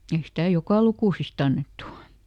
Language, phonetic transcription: Finnish, ˈei stä "jokà lukùsisˈt ‿annettu .
- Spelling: ei sitä joka lukusista annettu

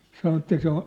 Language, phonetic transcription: Finnish, 'sano että 'se ‿o ,.
- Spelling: sanoi että se on

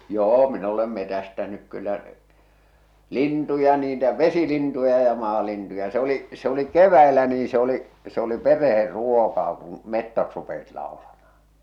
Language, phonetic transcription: Finnish, 'joo min ‿olem 'metästänyk 'kyllä , "lintuja niitä "vesilintuja ja 'maalintuja , se ‿o̭li , se ‿oli 'kev̆väilä nii se ‿oli , se oli 'pereher ruokaa kuṵ , "mettot rupesit laolamahᴀ .
- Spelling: joo min olen metsästänyt kyllä lintuja niitä vesilintuja ja maalintuja se oli se oli keväällä niin se oli se oli perheen ruokaa kun metsot rupesivat laulamaan

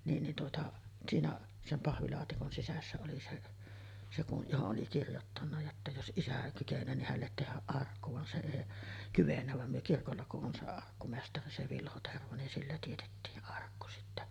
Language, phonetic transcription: Finnish, niin nin tuota , 'siinä , 'sem 'pahvilaatikon sisässä oli 'se’ , se ku’ , 'johoˀ ˀoli 'kirjottanna jotta jos "ˀisä 'kyken̆nöö nih hället tehäˀ 'ˀarkku van se èi , 'kyvennä vam myö 'kirkolla ku’ ’on se 'arkkumestari 'se "Vilho 'Tervo nin sillä tietettii’ ’arkku sittä .
- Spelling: niin niin tuota siinä sen pahvilaatikon sisässä oli se se kun johon oli kirjoittanut jotta jos isä kykenee niin hänelle tehdä arkku vaan se ei kyennyt vaan me kirkolla kun on se arkkumestari se Vilho Tervo niin sillä teetettiin arkku sitten

